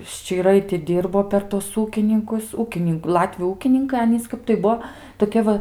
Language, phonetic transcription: Lithuanian, ščyˈrai ti ˈdyrbo per ˈtuos ˈūkininkus ˈūkinink ˈlatviu ˈūkininkai ˈanys ˈkap tai ˈbuo toˈkie va

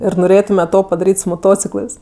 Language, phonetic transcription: Lithuanian, ir noˈrėtume ˈto padaˈryt' su moˈtociklɜs

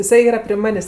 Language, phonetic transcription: Lithuanian, iˈsai ˈyra pri ˈmanės'

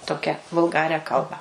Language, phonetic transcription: Lithuanian, ˈtokia vulˈgarią ˈkalbą

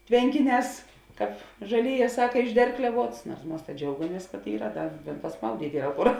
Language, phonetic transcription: Lithuanian, ˈtvenkiˌnēs kāp žaˈlėˌjē ˈsaka išˈderklevuots nuors ˈmas ta ˈdžiaugamies kad ˈyra ˈdar pasˈmaudyt' ˈyra ˈkur

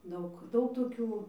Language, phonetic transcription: Lithuanian, ˈdaug ˈdaug toˈkių

